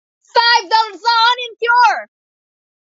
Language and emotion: English, happy